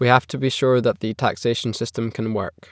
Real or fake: real